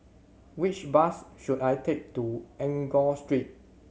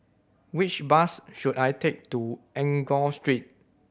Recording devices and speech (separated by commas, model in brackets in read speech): mobile phone (Samsung C7100), boundary microphone (BM630), read sentence